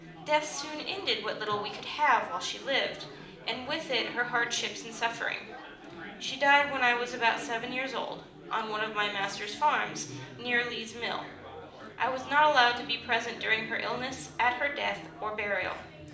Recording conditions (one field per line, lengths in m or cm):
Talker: one person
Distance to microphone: 2.0 m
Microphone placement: close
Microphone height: 99 cm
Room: medium-sized (5.7 m by 4.0 m)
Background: babble